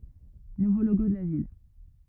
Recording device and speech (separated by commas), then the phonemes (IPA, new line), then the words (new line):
rigid in-ear microphone, read sentence
nuvo loɡo də la vil
Nouveau logo de la ville.